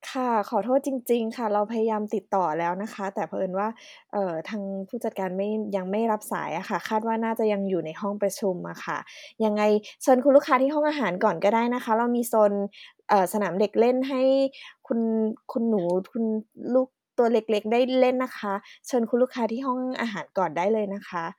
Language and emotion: Thai, neutral